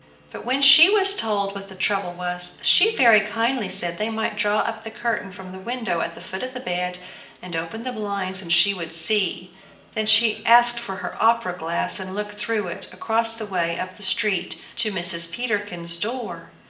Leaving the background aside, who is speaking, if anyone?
One person.